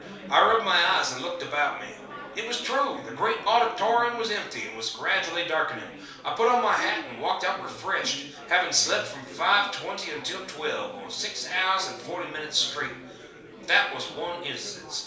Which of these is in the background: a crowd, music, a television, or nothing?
Crowd babble.